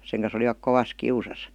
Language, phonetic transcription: Finnish, seŋ kan̬s ‿olivak 'kovas "kiusas .
- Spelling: sen kanssa olivat kovassa kiusassa

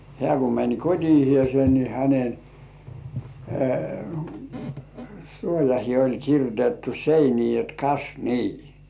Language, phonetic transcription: Finnish, hĕä̀ ku mäń 'kot́ihĭèse ni häne , 'suojahĭe oĺ kirjotettu "seinii jot » 'kas "nii « .
- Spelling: hän kun meni kotiinsa niin hänen suojaansa oli kirjoitettu seiniin jotta kas niin

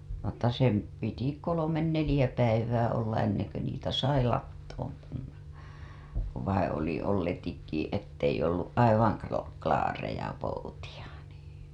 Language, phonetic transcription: Finnish, mutta sem , piti 'kolomen "nelĭjä 'päivää olla 'enneŋ ku niitä 'sai lattoom (panna) , ku vaiḭ oli olletikki , ettei ollu " ''aivaŋ klo- , klaareja poutiʲa NII .
- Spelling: mutta sen piti kolme neljä päivää olla ennen kuin niitä sai latoon panna kun vain oli olletikin että ei ollut aivan - klaareja poutia niin

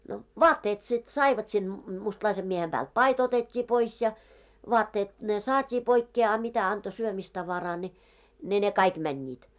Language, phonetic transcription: Finnish, no , "vaatteet sit 'saivat sil , 'mustlaisem miehem ʙäält "pai't ‿otet́t́i 'pois ja , 'vɔatteet ne 'saat́ii poikkee a 'mitä anto 'syömistavaraa ni , ne ne 'kaik mäńńiit .
- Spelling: no vaatteet sitten saivat sillä mustalaisen miehen päältä paita otettiin pois ja vaatteet ne saatiin pois a mitä antoi syömistavaraa niin ne ne kaikki menivät

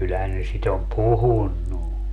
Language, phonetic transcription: Finnish, 'kyllähän ne 'sit ‿om "puhunnu .
- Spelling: kyllähän ne sitä on puhunut

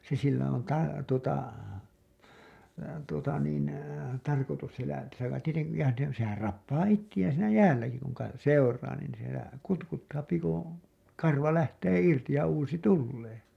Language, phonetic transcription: Finnish, se sillä on ta- , tuota , tuota niin , tarkotus sielä , sillä tieteŋki ja ne , sehär 'rappaa 'ittiʲään̬ siinä "jäälläki kuŋ ka- , 'seur̀aa nìn sielä , 'kutkuttaapi kuṵ , 'karva lähtee 'irti ja 'uusi "tullee .
- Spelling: se sillä on - tuota tuota niin tarkoitus siellä sillä tietenkin ja ne sehän rappaa itseään siinä jäälläkin kun - seuraa niin siellä kutkuttaa kun karva lähtee irti ja uusi tulee

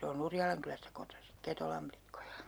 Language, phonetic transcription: Finnish, 'se o'n ‿Urjalaŋkylästä kotosi , 'Ketolam plikkojA .
- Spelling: se on Urjalankylästä kotoisin Ketolan likkoja

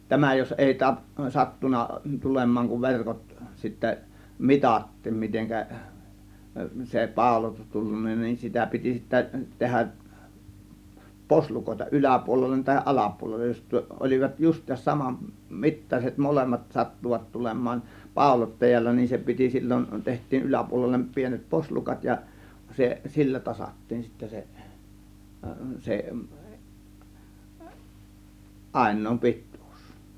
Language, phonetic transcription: Finnish, 'tämä jos 'èi 'ta- , 'sattuna 'tulem̆maaŋ kuv 'verkot sittä , "mitat̀tiim 'miteŋkä , se "pàȯlotus tullunna nin , 'sitä piti sittä 'tehäˀ , "poslukòėta "ˀyläpuolellen tahiˀ "ˀalapuolellej jos , 'ol͕ivat 'just̆tiisas 'saman , 'mittaset 'molemmat 'sattuvat 'tulem̆maan , "pàȯlottajalla , nin se piti 'sil͕l͕on , 'teht̆tiin 'yläpuolellem 'pienet 'poslukat ja se , "sillä 'tasat̀tiin sittä se , 'se , "ˀàin̆nòim "pit̆tUUs .
- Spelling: tämä jos ei - sattunut tulemaan kun verkot sitten mitattiin miten se pauloitus tullut niin sitä piti sitten tehdä poslukoita yläpuolelle tai alapuolelle jos olivat justiinsa saman mittaiset molemmat sattuivat tulemaan pauloittajalla niin se piti silloin tehtiin yläpuolelle pienet poslukat ja se sillä tasattiin sitten se se ainoa pituus

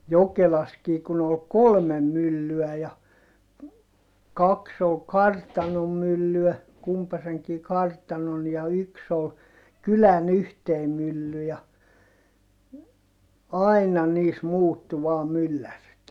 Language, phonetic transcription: Finnish, Jokelaskii kun ‿ol kolmem myllyä ja , kaks ‿ol kartanom myllyä , kumpaseŋkii kartanon ja yks ‿ol , kylän ‿yhtei mylly ja , aina niis muuttu vaa myllärit .
- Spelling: Jokelassakin kun oli kolme myllyä ja kaksi oli kartanon myllyä kumpaisenkin kartanon ja yksi oli kylän yhteinen mylly ja aina niissä muuttui vain myllärit

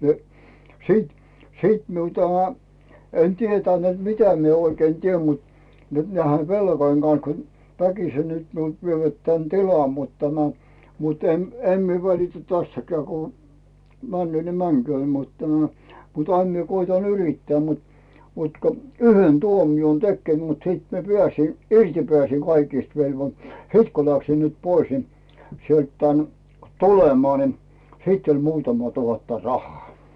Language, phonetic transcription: Finnish, nə , 'sìt , 'sìt miu 'tämä , en 'tietän nᵉt "mitä mie oikei 'tiem mut , nyt näihe "velkoⁱŋ 'Gan̬s kun , "väkise nyt miult 'vievät tän "tilam mut tänä , mut em , "em mie 'välitä 'tästäkää ku , 'männʸöö ni 'mäŋkyöö , mut tämᴀ̈ , mut 'aim mie koita "yrittää mut , mut ko "yhen "tuomion 'tekkè mut 'sìt mie "pⁱä̀sin , 'irti pᵉä̀s̀iŋ kaikist velvo- , "siit ku läksim nyt 'pois ni , sielt tään , "tulemaa ni , 'sit oĺ 'muutama tuhatta "rah̀aa .
- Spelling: no sitten sitten minun tämä en tiennyt niin että mitä minä oikein teen mutta nyt näiden velkojen kanssa kun väkisin nyt minulta vievät tämän tilan mutta tänä mutta en en minä välitä tästäkään kun menee niin menköön mutta tämä mutta aina minä koetan yrittää mutta mutta kun yhden tuomion tekee mutta sitten minä pääsin irti pääsin kaikista - sitten kun läksin nyt pois niin sieltä tänne tulemaan niin sitten oli muutama tuhatta rahaa

